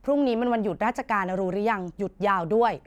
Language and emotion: Thai, neutral